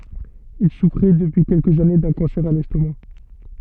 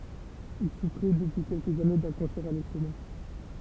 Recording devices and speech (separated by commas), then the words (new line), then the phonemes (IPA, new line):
soft in-ear microphone, temple vibration pickup, read sentence
Il souffrait depuis quelques années d’un cancer à l’estomac.
il sufʁɛ dəpyi kɛlkəz ane dœ̃ kɑ̃sɛʁ a lɛstoma